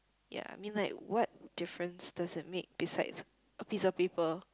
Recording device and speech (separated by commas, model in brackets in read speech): close-talking microphone, conversation in the same room